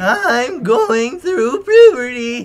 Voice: cracky voice